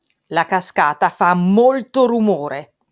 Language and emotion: Italian, angry